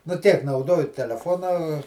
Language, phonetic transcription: Lithuanian, nu ˈtiek nauˈdoju teleˈfona

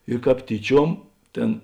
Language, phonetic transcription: Lithuanian, ir ˈkāp ˈtyˌčiuom ˈtėn

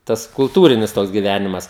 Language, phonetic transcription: Lithuanian, ˈtas kulˈtūrinis ˈtoks giˈvænimas

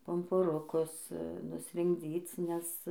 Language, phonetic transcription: Lithuanian, pumpuˈrukus nusrinkˈdzyc nes

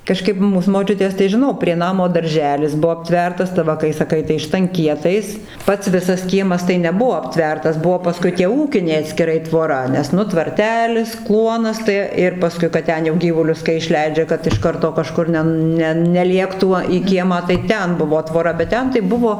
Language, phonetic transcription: Lithuanian, kaˈžkaip ˈmūs moˈčiutės tai žiˈnau prie ˈnamo darˈželis ˈbuo apˈtvertas tai ˈva kai saˈkai tai štanˈkietais ˈpats ˈvisas ˈkiemas tai neˈbuo apˈtvertas ˈbuo paˈskui tie ˈūkiniai atskiˈrai tvoˈra nes ˈnu tvarˈtelis ˈkluonas tai ˈir paˈskui kad ˈten jau ˈgyvulius kai išˈleidžia kad iš ˈkarto kaˈžkur ne ˈnen ˈne neˈliektų į ˈkiemą tai ˈten ˈbuvo ˈtvora bet ˈten tai ˈbuvo

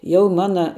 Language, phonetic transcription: Lithuanian, ˈjau ˈmana

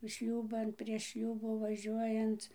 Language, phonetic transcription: Lithuanian, ˈšliūban prieš ˈšliūbų vaˈžiuojanc

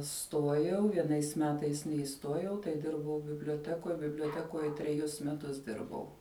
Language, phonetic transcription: Lithuanian, ˈstuojau vieˈnais ˈmetais neiˈstuojau tai ˈdirbau biblioˈtekoj biblioˈtekoje treˈjus meˈtus ˈdirbau

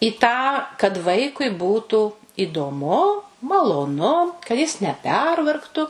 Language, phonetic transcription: Lithuanian, i tą kad ˈvaikui ˈbūtų idoˈmu maloˈnu ka jis neˈpervargtu

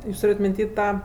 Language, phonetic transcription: Lithuanian, ˈjūs ˈtūrėt' minˈty ˈtą

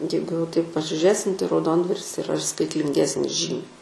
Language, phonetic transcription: Lithuanian, ˈjeigu jau taip pasižiuˈrėsim tai rauˈdondvaris iˈra ir skaitlinˈgesnis ˈžymiai

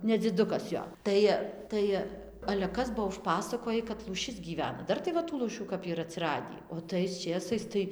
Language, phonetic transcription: Lithuanian, nedziˈdukas ˈjo ˈtai ˈtai ale ˈkas ˈbuo užˈpasakoji kad lūˈšis gyˈvena ˈdar tai ˈva tų lūˈšių kap yˈra atsiˈradį o tais ˈčėsais tai

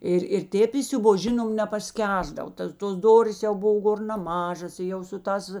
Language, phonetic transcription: Lithuanian, ˈir ir ˈtėp isiuˈbos ˈžinom nepasˈkęsdav ˈtas tos ˈdorės jau ˈbov ˈgor naˈmažas i ˈjau su ˈtās

